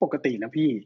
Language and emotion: Thai, neutral